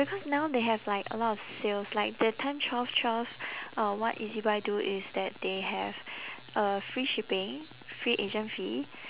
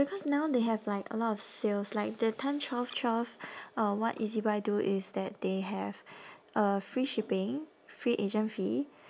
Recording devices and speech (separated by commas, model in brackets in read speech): telephone, standing microphone, conversation in separate rooms